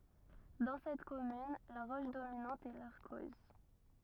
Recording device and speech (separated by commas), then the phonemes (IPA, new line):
rigid in-ear microphone, read sentence
dɑ̃ sɛt kɔmyn la ʁɔʃ dominɑ̃t ɛ laʁkɔz